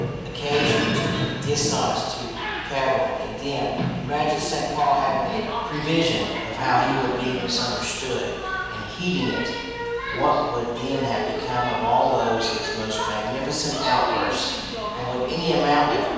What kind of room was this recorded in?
A large, echoing room.